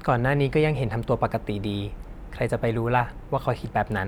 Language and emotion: Thai, neutral